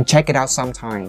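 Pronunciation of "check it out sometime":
The intonation drops on 'check it out sometime'.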